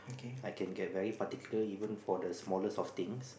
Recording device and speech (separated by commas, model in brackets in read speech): boundary microphone, conversation in the same room